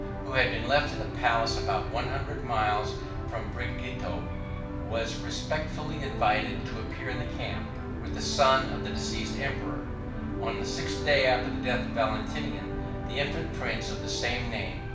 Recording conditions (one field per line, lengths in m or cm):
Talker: one person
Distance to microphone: 5.8 m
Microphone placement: far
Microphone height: 1.8 m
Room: medium-sized (5.7 m by 4.0 m)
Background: television